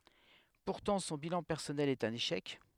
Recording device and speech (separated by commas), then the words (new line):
headset microphone, read sentence
Pourtant, son bilan personnel est un échec.